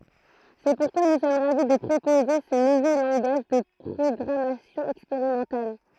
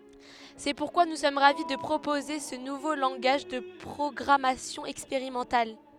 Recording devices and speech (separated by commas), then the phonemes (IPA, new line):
throat microphone, headset microphone, read sentence
sɛ puʁkwa nu sɔm ʁavi də pʁopoze sə nuvo lɑ̃ɡaʒ də pʁɔɡʁamasjɔ̃ ɛkspeʁimɑ̃tal